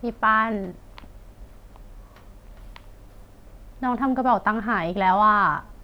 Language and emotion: Thai, sad